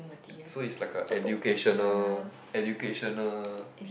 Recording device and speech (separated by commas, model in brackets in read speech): boundary microphone, conversation in the same room